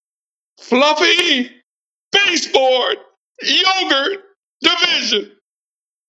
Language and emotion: English, happy